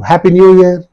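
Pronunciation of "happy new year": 'Happy new year' is said with falling intonation, so the voice falls at the end.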